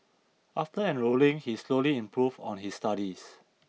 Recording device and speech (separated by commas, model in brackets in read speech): mobile phone (iPhone 6), read sentence